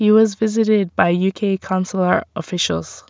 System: none